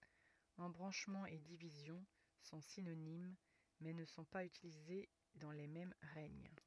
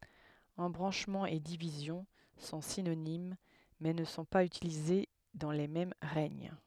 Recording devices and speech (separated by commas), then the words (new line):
rigid in-ear microphone, headset microphone, read sentence
Embranchement et division sont synonymes mais ne sont pas utilisés dans les mêmes règnes.